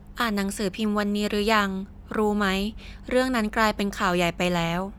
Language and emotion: Thai, neutral